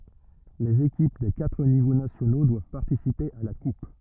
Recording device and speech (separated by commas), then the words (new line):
rigid in-ear microphone, read sentence
Les équipes des quatre niveaux nationaux doivent participer à la Coupe.